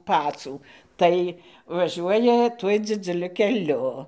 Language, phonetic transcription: Lithuanian, ˈpacų ˈtai vaˈžiuoja ˈtuoj dzidzuˈliu keˈliu

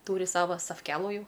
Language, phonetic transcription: Lithuanian, ˈtūri ˈsavo safˈkelų ˈjau

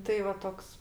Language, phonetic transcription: Lithuanian, ˈtai va ˈtoks

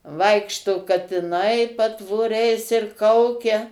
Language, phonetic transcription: Lithuanian, ˈvaikšto katiˈnai patvoˈriais ir ˈkaukia

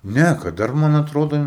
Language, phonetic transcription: Lithuanian, ˈne kad ˈdar ˈman atˈrodo

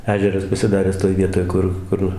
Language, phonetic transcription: Lithuanian, ˈežeras pasiˈdaręs toj ˈvietoj ˈkur ˈkur

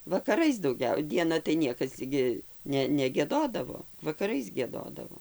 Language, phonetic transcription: Lithuanian, vakaˈrais dauˈgiau dieˈna tai ˈniekas gi ˈne negieˈdodavo vakaˈrais gieˈdodavo

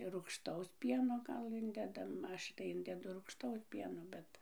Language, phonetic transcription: Lithuanian, rūgšˈtaus ˈpieno ˈgal ˈindedam ˈaš tai ˈindedu rūgšˈtaus ˈpieno ˈbet

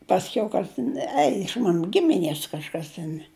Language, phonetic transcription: Lithuanian, pasˈkiau ˈkas tin ˈei iš ˈmanu ˈgimiˈnies kažˈkas ten

